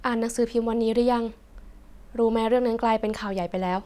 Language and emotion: Thai, neutral